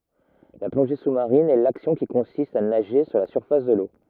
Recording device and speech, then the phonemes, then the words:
rigid in-ear microphone, read sentence
la plɔ̃ʒe susmaʁin ɛ laksjɔ̃ ki kɔ̃sist a naʒe su la syʁfas də lo
La plongée sous-marine est l'action qui consiste à nager sous la surface de l'eau.

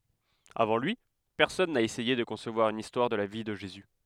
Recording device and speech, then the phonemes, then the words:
headset microphone, read sentence
avɑ̃ lyi pɛʁsɔn na esɛje də kɔ̃svwaʁ yn istwaʁ də la vi də ʒezy
Avant lui, personne n'a essayé de concevoir une histoire de la vie de Jésus.

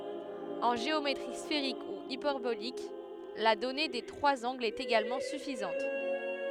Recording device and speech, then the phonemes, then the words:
headset microphone, read sentence
ɑ̃ ʒeometʁi sfeʁik u ipɛʁbolik la dɔne de tʁwaz ɑ̃ɡlz ɛt eɡalmɑ̃ syfizɑ̃t
En géométrie sphérique ou hyperbolique, la donnée des trois angles est également suffisante.

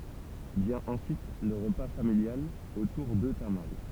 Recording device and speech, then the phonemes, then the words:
temple vibration pickup, read sentence
vjɛ̃ ɑ̃syit lə ʁəpa familjal otuʁ də tamal
Vient ensuite le repas familial autour de tamales.

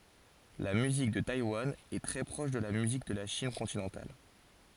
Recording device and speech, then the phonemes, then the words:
forehead accelerometer, read sentence
la myzik də tajwan ɛ tʁɛ pʁɔʃ də la myzik də la ʃin kɔ̃tinɑ̃tal
La musique de Taïwan est très proche de la musique de la Chine continentale.

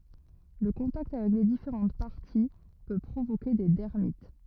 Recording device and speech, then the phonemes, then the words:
rigid in-ear microphone, read sentence
lə kɔ̃takt avɛk le difeʁɑ̃t paʁti pø pʁovoke de dɛʁmit
Le contact avec les différentes parties peut provoquer des dermites.

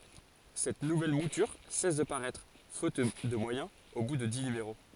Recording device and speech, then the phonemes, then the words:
forehead accelerometer, read sentence
sɛt nuvɛl mutyʁ sɛs də paʁɛtʁ fot də mwajɛ̃z o bu də di nymeʁo
Cette nouvelle mouture cesse de paraître, faute de moyens, au bout de dix numéros.

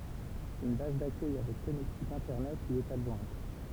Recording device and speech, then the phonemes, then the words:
temple vibration pickup, read sentence
yn baz dakœj avɛk kɔnɛktik ɛ̃tɛʁnɛt lyi ɛt adʒwɛ̃t
Une base d'accueil avec connectique Internet lui est adjointe.

